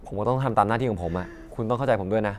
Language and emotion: Thai, frustrated